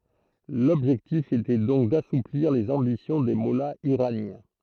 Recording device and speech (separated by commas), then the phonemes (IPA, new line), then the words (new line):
throat microphone, read sentence
lɔbʒɛktif etɛ dɔ̃k dasupliʁ lez ɑ̃bisjɔ̃ de mɔlaz iʁanjɛ̃
L’objectif était donc d’assouplir les ambitions des mollahs iraniens.